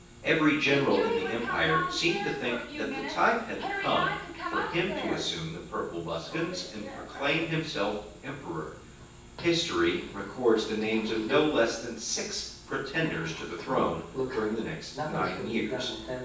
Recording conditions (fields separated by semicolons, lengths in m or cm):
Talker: one person; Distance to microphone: 9.8 m; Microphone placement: far; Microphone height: 1.8 m; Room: large; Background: television